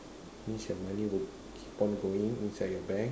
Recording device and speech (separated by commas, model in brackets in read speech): standing microphone, conversation in separate rooms